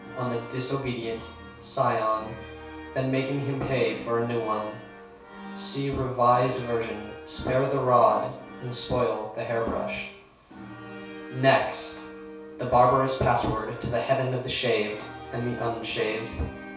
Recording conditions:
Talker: one person; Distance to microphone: 3.0 m; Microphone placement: far; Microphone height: 1.8 m; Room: small (3.7 m by 2.7 m); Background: music

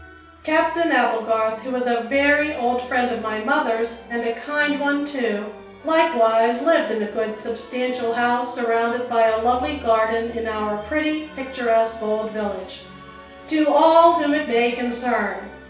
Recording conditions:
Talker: one person; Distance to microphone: 3.0 m; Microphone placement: far; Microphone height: 1.8 m; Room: small (3.7 m by 2.7 m); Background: music

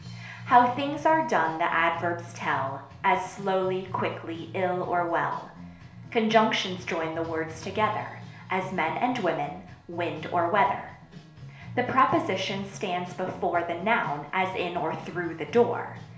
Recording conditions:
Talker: one person; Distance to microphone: 1.0 m; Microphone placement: close; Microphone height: 1.1 m; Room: small (3.7 m by 2.7 m); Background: music

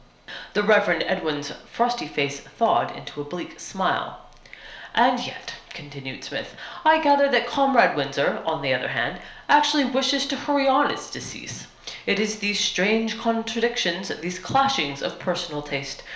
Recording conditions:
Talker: one person; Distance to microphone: 1.0 m; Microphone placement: close; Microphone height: 1.1 m; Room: small (3.7 m by 2.7 m); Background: none

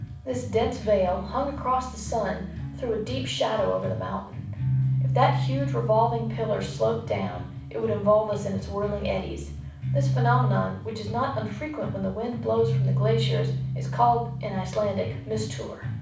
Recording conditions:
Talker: one person; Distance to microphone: 5.8 m; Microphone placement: far; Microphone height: 1.8 m; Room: medium-sized (5.7 m by 4.0 m); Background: music

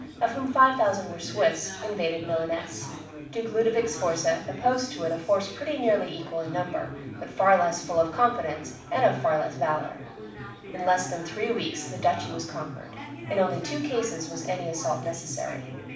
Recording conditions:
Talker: one person; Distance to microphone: 5.8 m; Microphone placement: far; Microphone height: 1.8 m; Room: medium-sized (5.7 m by 4.0 m); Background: babble

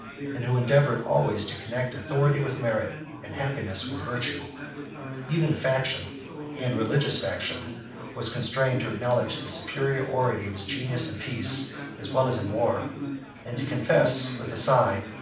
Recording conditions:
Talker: one person; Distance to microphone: 5.8 m; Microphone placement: far; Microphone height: 1.8 m; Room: medium-sized (5.7 m by 4.0 m); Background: babble

